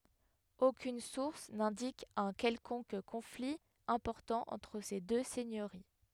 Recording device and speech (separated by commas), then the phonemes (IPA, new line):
headset microphone, read sentence
okyn suʁs nɛ̃dik œ̃ kɛlkɔ̃k kɔ̃fli ɛ̃pɔʁtɑ̃ ɑ̃tʁ se dø sɛɲøʁi